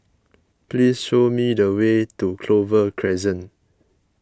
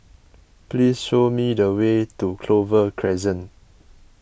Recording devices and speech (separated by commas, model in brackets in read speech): close-talking microphone (WH20), boundary microphone (BM630), read sentence